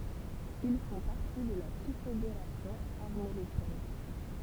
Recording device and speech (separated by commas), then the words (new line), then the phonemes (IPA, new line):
temple vibration pickup, read sentence
Ils font partie de la Confédération armoricaine.
il fɔ̃ paʁti də la kɔ̃fedeʁasjɔ̃ aʁmoʁikɛn